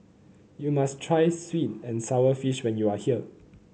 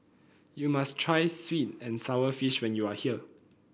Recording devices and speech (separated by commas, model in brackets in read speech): mobile phone (Samsung C9), boundary microphone (BM630), read sentence